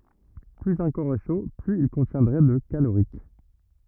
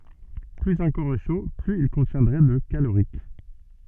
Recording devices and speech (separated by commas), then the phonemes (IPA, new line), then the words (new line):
rigid in-ear microphone, soft in-ear microphone, read sentence
plyz œ̃ kɔʁ ɛ ʃo plyz il kɔ̃tjɛ̃dʁɛ də kaloʁik
Plus un corps est chaud, plus il contiendrait de calorique.